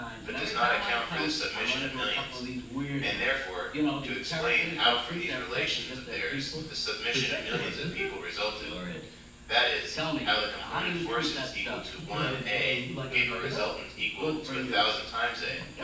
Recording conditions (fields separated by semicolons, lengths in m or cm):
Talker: one person; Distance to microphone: 9.8 m; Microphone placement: far; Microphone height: 1.8 m; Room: large; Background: television